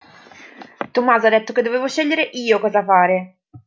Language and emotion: Italian, angry